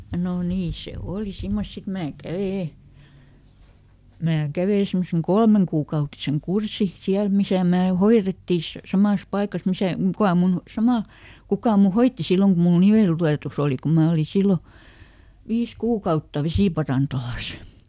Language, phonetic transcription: Finnish, nò ˈnii ˈse "òli ˈsimmos ˈsit ˈmää ˈkävè , ˈmää "kävè ˈsemmoseŋ "kolmeŋkuukautiseŋ "kursi , ˈsiäl misä̀ mää "hoiretti s- , ˈsamàs ˈpaikas ˈmisä , "kuka mun , ˈsamàl , "kukà mu "hoitti ˈsilloŋ ku muˡ "niveltulètuˈs ‿òli ku ˈmää oli ˈsillo , ˈviis "kuukautta ˈvesìparantolas .
- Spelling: no niin se oli semmoista sitten minä kävin minä kävin semmoisen kolmekuukautisen kurssin siellä missä minä hoidettiin - samassa paikassa missä kuka minun samalla kuka minun hoiti silloin kun minulla niveltulehdus oli kun minä olin silloin viisi kuukautta vesiparantolassa

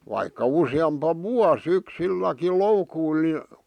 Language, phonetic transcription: Finnish, vaikka 'usi₍ampa "vuas ‿yksilläkil "loukuil ni ,.
- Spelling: vaikka useampi vuosi yksilläkin loukuilla niin

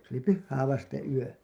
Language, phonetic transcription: Finnish, se ‿oli "pyhhää vasteḛ 'yö .
- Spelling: se oli pyhää vasten yö

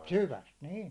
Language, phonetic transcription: Finnish, 'syväst "niin̬ .
- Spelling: syvästä niin

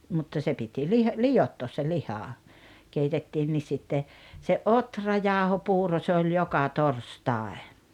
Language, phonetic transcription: Finnish, mutta se piti 'lih- , "lijottoos se 'liha , 'keitettiinnis sitte , se "’otrajáohopuuro se oĺ "joka "torstàe .
- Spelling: mutta se piti - liottaa se liha keitettiin sitten se ohrajauhopuuro se oli joka torstai

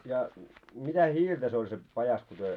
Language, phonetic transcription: Finnish, ja mitä "hiiltä se oĺ se pajas ku työ ,.
- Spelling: ja mitä hiiltä se oli se pajassa kun te

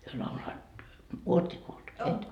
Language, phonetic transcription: Finnish, hyö lauloat "uot śie kuult , 'et ?
- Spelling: he lauloivat olet sinä kuullut et

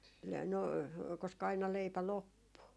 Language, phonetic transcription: Finnish, le- , no , koska aina 'leipä "loppu .
- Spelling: - no koska aina leipä loppui

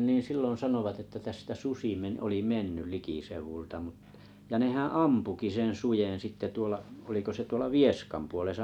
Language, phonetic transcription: Finnish, nii 'silloo̰ 'sanovat että 'tästä "susi me- 'oli "menny 'likiseuv̀ulta mutᴀ , ja 'nehää̰ "ampuki 'sen "sujen sitte 'tuola , oliko se 'tuola "Vieskam 'puolesa .
- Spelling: niin silloin sanoivat että tästä susi - oli mennyt likiseudulta mutta ja nehän ampuikin sen suden sitten tuolla oliko se tuolla Vieskan puolessa

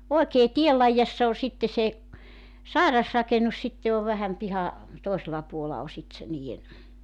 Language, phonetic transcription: Finnish, 'oekee "tiel laijassa o 'sitte se , "sàirasrakenus 'sitte ov vähäm 'piha , 'tòisela puola o 'sit se 'nii₍en ,.
- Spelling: oikein tien laidassa on sitten se sairasrakennus sitten on vähän piha toisella puolella on sitten se niiden

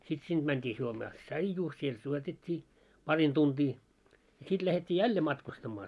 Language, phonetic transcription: Finnish, sit sinᴅ 'mänt́ii 'juomaa "ts̆aijuu , siel 'juotet́t́ii , 'parin 'tuntii , ja 'sit lähet́t́ii "jälle 'matkustammaa .
- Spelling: sitten sinne mentiin juomaan tsaijua siellä juotettiin parin tuntia ja sitten lähdettiin jälleen matkustamaan

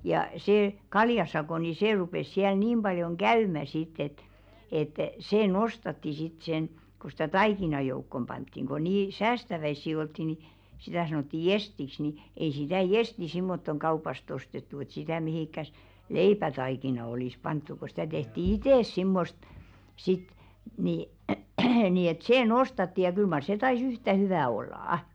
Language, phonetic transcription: Finnish, ja see 'kaljasakò ni 'sè rupes siäl 'niim ʙaljoŋ "ɢäymä sit̆t ‿et , et , 'see "nos̀tatti sit sen , ku stä "taikina 'joukkom ʙanttiŋ ko 'nii "säästäväissi oltti ni , sitä̀ 'sanotti "jestiks ni , 'ei sitä̀ "jesti simmottoŋ 'kaupast ‿ostettu et sitä̀ 'mihìkkäs , "leipätaikina olìs 'panttu ko stä 'tehti "itès 'simmost , sit , ni , nii et 'see "nostatti ja 'kyl mar se 'tai"s ‿yhtä 'hyvä̀ ollà₍ᵃ .
- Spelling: ja se kaljasako niin se rupesi siellä niin paljon käymään sitten että että se nostatti sitten sen kun sitä taikinan joukkoon pantiin kun niin säästäväisiä oltiin niin sitä sanottiin jestiksi niin ei sitä jestiä semmottoon kaupasta ostettu että sitä mihinkään leipätaikinaan olisi pantu kun sitä tehtiin itse semmoista sitten niin niin että se nostatti ja kyllä mar se taisi yhtä hyvää olla

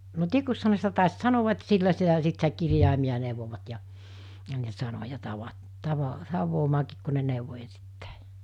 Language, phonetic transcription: Finnish, no 'tikuᵏsha ne sitä tàis 'sanoᵛa et 'sillä sitä 'sit sitä 'kirjàimiʲa 'nèuvovat ja , ja ne 'sanoja 'tava- , 'tava- 'tav̆voomaakiik ku ne nèuvo ensittÄ̀ɪ .
- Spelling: no tikuksihan ne sitä taisi sanoa että sillä sitä sitten sitä kirjaimia neuvoivat ja ja ne sanoja - - tavaamaankin kun ne neuvoi ensittäin

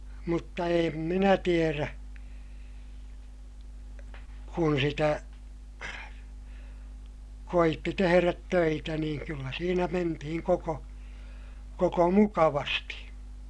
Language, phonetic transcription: Finnish, mutta eem minä tierä , kun sitä , koitti teherät töitä niiŋ kyllä siinä mentihiŋ koko , koko mukavasti .
- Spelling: mutta en minä tiedä kun sitä koetti tehdä töitä niin kyllä siinä mentiin koko koko mukavasti

